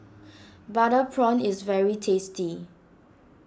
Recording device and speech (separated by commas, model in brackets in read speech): standing microphone (AKG C214), read sentence